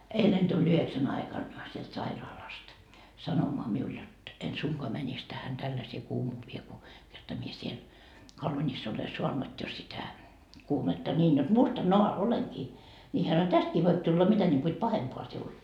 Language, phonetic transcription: Finnish, 'eilen tuĺ 'yheksän aikan , sielt 'sairaalast , 'sanomoa 'miul jot , en 'suŋkoa mänis tähän 'tälläsee 'kuumuuvie ku , kerta mie 'siel , - ole 'suanut jo sitä , 'kuumetta 'ńiin jot "mustannoa 'oleŋkii , ni 'hä sano » "tästkii voip tulla 'mitä ńiŋku et "pahempoa siul .
- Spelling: eilen tuli yhdeksän aikana sieltä sairaalasta sanomaan minulle jotta en suinkaan menisi tähän tällaiseen kuumuuteen kun kerta minä siellä olen saanut jo sitä kuumetta niin jotta mustanaan olenkin niin hän sanoi tästäkin voi tulla mitä niin kuin että pahempaa sinulle

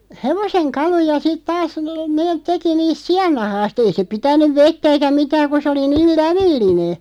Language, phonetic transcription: Finnish, hevoseŋ 'kaluja sit 'taas , 'neeᵗ 'teki 'niist "si₍annahaas't ‿ei se 'pitän̆nyv "vettä eikä 'mitääᵑ ku se oli 'niil "lävilline .
- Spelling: hevosen kaluja sitten taas ne teki niistä siannahasta ei se pitänyt vettä eikä mitään kun se oli niin lävellinen

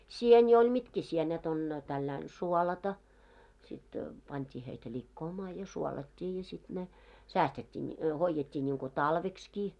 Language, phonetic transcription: Finnish, 'sieni oĺ "mitkä 'sienet on , tälläin 'suolata , sit , 'pant́ii heitä "ĺikkoomaa ja 'suolat́t́ii ja sit ne , 'säästet́t́ii ńi- , 'hoijjet́t́ii ńiŋkᴏ§ "talvekskii .
- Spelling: sieni oli mitkä sienet on tällä lailla suolata sitten pantiin heitä likoamaan ja suolattiin ja sitten ne säästettiin - hoidettiin niin kuin talveksikin

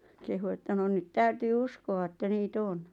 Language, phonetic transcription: Finnish, « kehu että » no nyt 'täytyy "uskova että nii"t ‿on « .
- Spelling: kehui että no nyt täytyy uskoa että niitä on

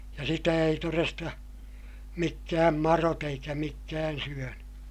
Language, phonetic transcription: Finnish, ja sitä ei toresta , mikkääm marot ‿eikä mikkään syöny .
- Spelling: ja sitä ei todesta mitkään madot eikä mitkään syönyt

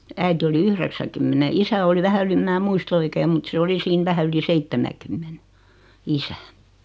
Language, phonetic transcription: Finnish, 'äiti oli "yhreksäkymmene 'isä oli 'vähä yli ᵉm 'mää 'muist ‿oikeem mut se 'oli siin 'vähä yli 'seittemäkymmene , "isä .
- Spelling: äiti oli yhdeksänkymmenen isä oli vähän yli en minä muista oikein mutta se oli siinä vähän yli seitsemänkymmenen isä

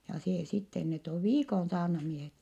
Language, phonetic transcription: Finnish, ja see sitten - net ov viikon saarnamiehet .
- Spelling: ja se sitten ne on viikon saarnamiehet

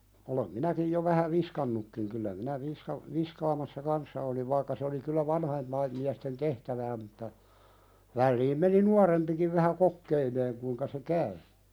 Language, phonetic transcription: Finnish, olem 'minäkij jo vähä "viskannukkiŋ kyllä minä 'visha- , 'viskaamassa "kanssa oliv vaikka se oli kyllä "vanhaimpaim miästen 'tehtävää mutta , 'välliim meni "nuarempikiv vähä 'kokkeileeŋ kuⁱŋka se "käy .
- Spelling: olen minäkin jo vähän viskannutkin kyllä minä - viskaamassa kanssa olin vaikka se oli kyllä vanhempien miesten tehtävää mutta väliin meni nuorempikin vähän kokeilemaan kuinka se käy

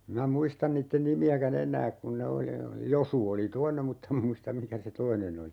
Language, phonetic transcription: Finnish, 'm(in)ä "muistan niitten 'nimi₍äkä"n ‿en̆nääk kun ne 'oli oli 'Josu oli "toineᵐ 'muttem (ma) muistam 'mikä se "toinen ‿oli .
- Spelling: minä muista niiden nimiäkään enää kun ne oli oli Josu oli toinen mutta en minä muista mikä se toinen oli

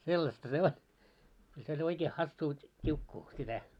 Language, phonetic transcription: Finnish, sellasta 'se 'o- , kyl se oĺ oikee 'hassuu , 't́iukkuu , sitä .
- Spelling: sellaista se on kyllä se oli oikein hassua tiukkua sitä

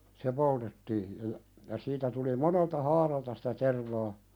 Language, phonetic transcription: Finnish, 'se poltettii , ja ja , ja siitä tuli 'monelta "haaralta sitä 'tervaa ,.
- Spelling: se poltettiin ja ja ja siitä tuli monelta haaralta sitä tervaa

